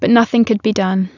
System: none